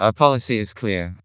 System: TTS, vocoder